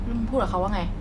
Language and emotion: Thai, neutral